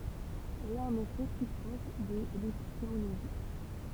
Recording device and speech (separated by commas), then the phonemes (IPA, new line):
temple vibration pickup, read sentence
ɛl ɛt ɑ̃n efɛ ply pʁɔʃ də lepistemoloʒi